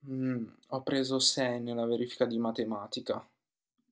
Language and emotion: Italian, sad